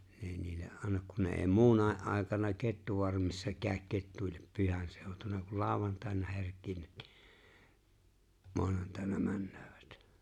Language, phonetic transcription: Finnish, ne ‿eⁱ niille’ '’annak kun ne e̬e̬ⁱ 'muunae’ ’àekana 'kettuvarmissa 'kääᵒ̈k 'kettuillep 'pyhänsèotuna kul 'laaᵒvantàena 'herk̀iivᴀ̈t ɴɪ , 'moanantàena 'männᴏ̈ᴏ̈ᴠᴀ̈t .
- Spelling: ne ei niille anna kun ne ei muunakin aikana kettufarmissa käy ketuille pyhänseutuna kun lauantaina herkeävät niin maanantaina menevät

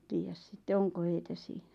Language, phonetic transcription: Finnish, 'tiijäs sitte "oŋko heitä 'siiɴᴀ̈ .
- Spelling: tiedä sitten onko heitä siinä

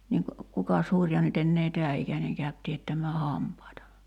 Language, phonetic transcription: Finnish, 'niiŋk , 'kukas 'huŕja nyt ‿ennee "tɛä ’ikäneŋ käyt 'tiättäm̆mää "hampaita .
- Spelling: niin kukas hurja nyt enää tämän ikäinen käy teettämään hampaita

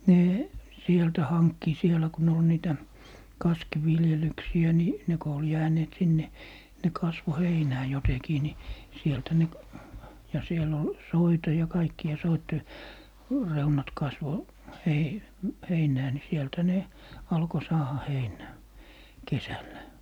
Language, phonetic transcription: Finnish, 'nee , 'sieltä 'hankki 'sielä ku ne ol 'niitä , "kaskiviljelyksi₍ä ni , 'ne ko ol 'jääneet 'sinne , ne 'kasvo "heinää 'jotekii ni , 'sieltä ne , ja 'siel ‿ol , "soita ja "kaikki₍a 'soitte , 'reunat 'kasvo , 'hei, - "heinää ni 'sielthä ne , 'alko 'saaha "heinää , "kesällä .
- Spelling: ne sieltä hankki siellä kun ne oli niitä kaskiviljelyksiä niin ne kun oli jääneet sinne ne kasvoi heinää jotenkin niin sieltä ne ja siellä oli soita ja kaikkia soiden reunat kasvoi - heinää niin sieltähän ne alkoi saada heinää kesällä

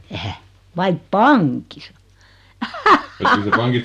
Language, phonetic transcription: Finnish, 'ehä , 'vaip "paŋkisa .
- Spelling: eihän vai pankissa

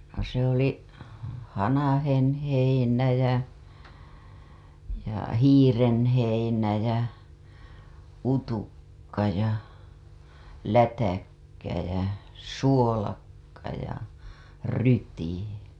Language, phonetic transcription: Finnish, (ja) se ‿oli "hanahenheinä jä , ja "hiirenheinä jä , "utukka ja , "lätäkkä jä , "suolakka ja , "ryyti .
- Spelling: ja se oli hanhenheinä ja ja hiirenheinä ja utukka ja lätäkkä ja suolakka ja ryyti

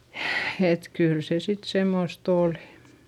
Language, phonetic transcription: Finnish, et kyyl se sit semmost ‿òli .
- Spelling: että kyllä se sitten semmoista oli

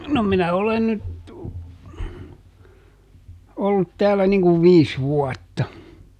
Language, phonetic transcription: Finnish, no ˈminä ˈolen nyt , ˈollut ˈtäällä niŋ kuv "viis ˈvuɔtta .
- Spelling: no minä olen nyt ollut täällä niin kuin viisi vuotta

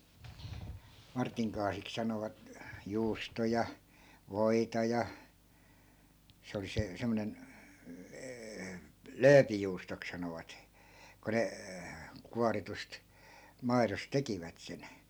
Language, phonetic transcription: Finnish, 'martiŋ kaasik sanovat , 'juustoja , 'voita ja , 'se oli se , 'semmᵒnen , "lööpijuustok sanovat , ko 'ne , 'kuaritust , 'mairos "tekivät sen .
- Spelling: Martin kaasiksi sanovat juustoja voita ja se oli se semmoinen lööpijuustoksi sanovat kun ne kuoritusta maidossa tekivät sen

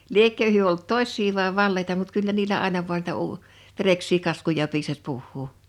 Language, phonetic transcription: Finnish, 'liekkö hyö olt "tosś̀sii vae "valleita mut 'kyllä niilä àena vu̬an niitä 'uu- , 'vereks̀ii 'kaskuja piisas 'puhhuu .
- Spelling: liekö he ollut tosia vai valeita mutta kyllä niillä aina vain niitä - vereksiä kaskuja piisasi puhua

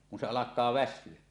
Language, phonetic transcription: Finnish, kun se 'alak̀aa "väs̆syö .
- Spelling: kun se alkaa väsyä

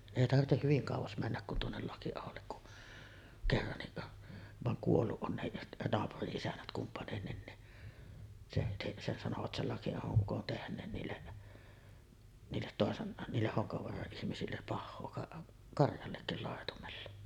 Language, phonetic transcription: Finnish, 'èi 'tartteh hyviŋ kàuvas männäk kun tuonnel 'Laki₍ahollek ku’ , kerranniˀ , vaŋ 'kuolluˀ ˀon 'nehiˀ , 'naapuri’ ’isännät kumpanennin ni , se , se se sanovat 'sel 'Laki₍ahoˀ 'ˀukon tehǹeen niille , niillet 'tòesen , niilleh 'Hoŋkavoara’ ’ihmisillep 'pahhoo ka-ˀ , 'karjallekkil làetumella .
- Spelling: ei tarvitse hyvin kauas mennä kuin tuonne Lakiaholle kun kerrankin vaan kuollut on nekin naapurin isännät kumpainenkin niin se se se sanoivat sen Lakiahon ukon tehneen niille niille toisen niille Honkavaaran ihmisille pahaa - karjallekin laitumella

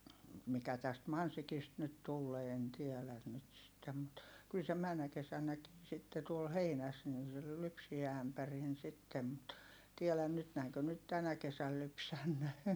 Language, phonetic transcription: Finnish, mikä täst Mansikist nyt tullee en tiɛlän nyt sittem mut , kyl se männä kesän̆näkii sitte tuol heinäs nin̬ se ly- lypsiä ämpärin sittem mut , tielän nyt näiŋkö nyt tänä kesäl lypsännee .
- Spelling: mikä tästä Mansikista nyt tulee en tiedä nyt sitten mutta kyllä se menneenä kesänäkin sitten tuolla heinässä niin se - lypsi ämpärin sitten mutta tiedä nyt näinkö nyt tänä kesänä lypsänee

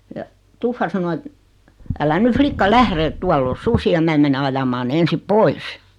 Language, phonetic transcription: Finnish, ja , "tuffa sano et , » älä 'ny 'flikka "lähre ᵉt 'tuall ‿o "susi₍a 'mää mene 'ajamaa ne 'ensip "pois « .
- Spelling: ja tuffa sanoi että älä nyt likka lähde että tuolla on susia minä menen ajamaan ne ensin pois

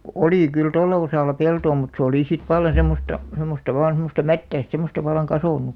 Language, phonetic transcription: Finnish, oli kyl 'tolla osàlla 'peltoo mut se oli sit valla semmosta , 'sem̆§mosta vaan 'semosta "mättäist semm̆§osta vallaŋ "kasònu .
- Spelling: oli kyllä tuolla osalla peltoa mutta se oli sitten vallan semmoista semmoista vain semmoista mättäistä semmoista vallan kasvanut

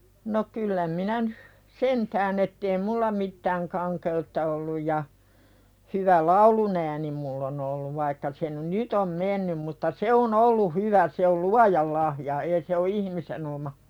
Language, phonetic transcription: Finnish, no 'kyllä minä nyh , "sentään ‿ettei "mulla mittääŋ 'kaŋke₍utta olluj ja , hyvä "laulunääni mull ‿on olluv vaikka se n- "nyt ‿om 'mennym mutta "se on ‿ollu 'hyvä se ol "luajal lahja ee se o 'ihmisen ‿oma .
- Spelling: no kyllä minä nyt sentään että ei minulla mitään kankeutta ollut ja hyvä laulunääni minulla on ollut vaikka se - nyt on mennyt mutta se on ollut hyvä se oli luojan lahja ei se ole ihmisen oma

